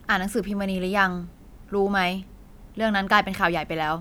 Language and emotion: Thai, neutral